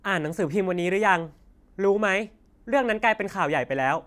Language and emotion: Thai, angry